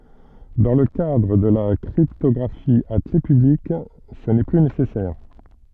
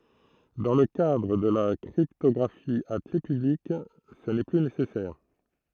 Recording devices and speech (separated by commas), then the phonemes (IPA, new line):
soft in-ear microphone, throat microphone, read sentence
dɑ̃ lə kadʁ də la kʁiptɔɡʁafi a kle pyblik sə nɛ ply nesɛsɛʁ